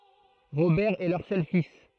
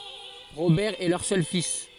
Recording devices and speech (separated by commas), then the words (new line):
throat microphone, forehead accelerometer, read sentence
Robert est leur seul fils.